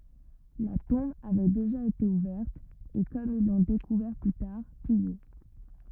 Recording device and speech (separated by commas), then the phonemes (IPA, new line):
rigid in-ear microphone, read sentence
la tɔ̃b avɛ deʒa ete uvɛʁt e kɔm il lɔ̃ dekuvɛʁ ply taʁ pije